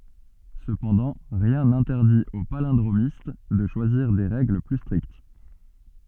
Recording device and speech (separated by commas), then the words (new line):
soft in-ear microphone, read sentence
Cependant, rien n'interdit au palindromiste de choisir des règles plus strictes.